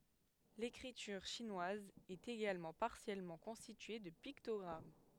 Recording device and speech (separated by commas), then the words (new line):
headset microphone, read sentence
L'écriture chinoise est également partiellement constituée de pictogrammes.